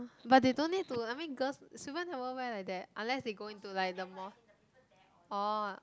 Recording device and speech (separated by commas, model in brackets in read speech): close-talking microphone, conversation in the same room